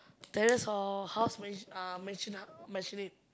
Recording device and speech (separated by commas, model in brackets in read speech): close-talking microphone, conversation in the same room